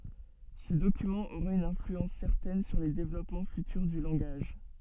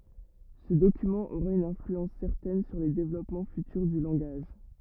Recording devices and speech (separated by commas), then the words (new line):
soft in-ear microphone, rigid in-ear microphone, read sentence
Ce document aura une influence certaine sur les développements futurs du langage.